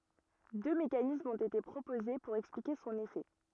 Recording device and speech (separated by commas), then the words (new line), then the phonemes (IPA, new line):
rigid in-ear microphone, read sentence
Deux mécanismes ont été proposés pour expliquer son effet.
dø mekanismz ɔ̃t ete pʁopoze puʁ ɛksplike sɔ̃n efɛ